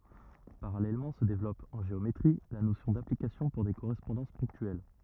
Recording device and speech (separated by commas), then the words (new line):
rigid in-ear microphone, read sentence
Parallèlement se développe, en géométrie, la notion d'application pour des correspondances ponctuelles.